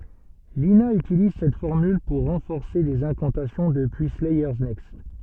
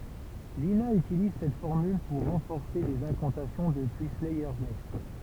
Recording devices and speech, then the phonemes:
soft in-ear microphone, temple vibration pickup, read sentence
lina ytiliz sɛt fɔʁmyl puʁ ʁɑ̃fɔʁse dez ɛ̃kɑ̃tasjɔ̃ dəpyi slɛjœʁ nɛkst

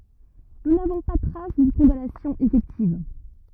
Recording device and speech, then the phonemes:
rigid in-ear microphone, read sentence
nu navɔ̃ pa tʁas dyn kɔ̃danasjɔ̃ efɛktiv

